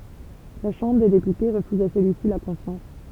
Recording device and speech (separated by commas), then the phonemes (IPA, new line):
temple vibration pickup, read sentence
la ʃɑ̃bʁ de depyte ʁəfyz a səlyisi la kɔ̃fjɑ̃s